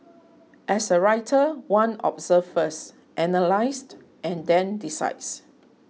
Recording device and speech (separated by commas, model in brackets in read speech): mobile phone (iPhone 6), read sentence